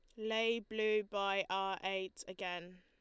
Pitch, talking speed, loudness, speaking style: 195 Hz, 140 wpm, -38 LUFS, Lombard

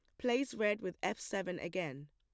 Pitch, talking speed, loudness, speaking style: 190 Hz, 190 wpm, -37 LUFS, plain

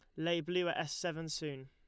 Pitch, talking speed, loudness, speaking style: 165 Hz, 245 wpm, -37 LUFS, Lombard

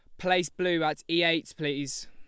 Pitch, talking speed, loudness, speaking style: 165 Hz, 190 wpm, -28 LUFS, Lombard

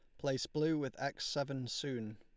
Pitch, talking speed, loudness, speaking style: 135 Hz, 185 wpm, -38 LUFS, Lombard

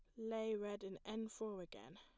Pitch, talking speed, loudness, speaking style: 215 Hz, 200 wpm, -47 LUFS, plain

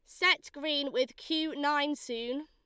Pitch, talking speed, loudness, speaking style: 290 Hz, 160 wpm, -31 LUFS, Lombard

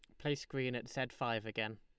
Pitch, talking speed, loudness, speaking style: 120 Hz, 230 wpm, -39 LUFS, Lombard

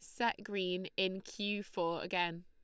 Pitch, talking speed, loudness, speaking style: 190 Hz, 160 wpm, -37 LUFS, Lombard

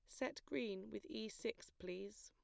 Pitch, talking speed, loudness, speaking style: 200 Hz, 175 wpm, -48 LUFS, plain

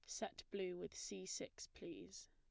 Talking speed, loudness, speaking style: 170 wpm, -50 LUFS, plain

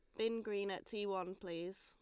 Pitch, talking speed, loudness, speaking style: 195 Hz, 220 wpm, -42 LUFS, Lombard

